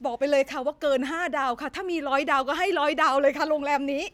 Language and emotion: Thai, happy